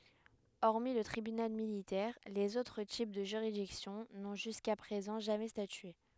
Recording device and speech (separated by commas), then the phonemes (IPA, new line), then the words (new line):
headset microphone, read sentence
ɔʁmi lə tʁibynal militɛʁ lez otʁ tip də ʒyʁidiksjɔ̃ nɔ̃ ʒyska pʁezɑ̃ ʒamɛ statye
Hormis le Tribunal Militaire, les autres types de juridiction n'ont jusqu'à présent jamais statué.